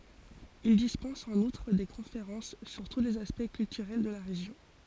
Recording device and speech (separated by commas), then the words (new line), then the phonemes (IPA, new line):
forehead accelerometer, read sentence
Il dispense en outre des conférences sur tous les aspects culturels de la région.
il dispɑ̃s ɑ̃n utʁ de kɔ̃feʁɑ̃s syʁ tu lez aspɛkt kyltyʁɛl də la ʁeʒjɔ̃